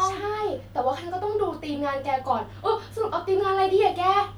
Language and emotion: Thai, happy